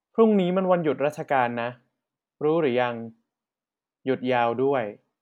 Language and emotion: Thai, neutral